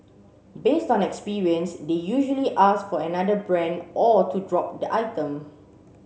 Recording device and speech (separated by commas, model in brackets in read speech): mobile phone (Samsung C7), read sentence